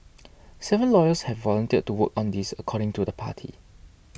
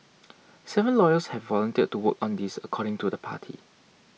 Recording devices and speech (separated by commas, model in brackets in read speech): boundary microphone (BM630), mobile phone (iPhone 6), read sentence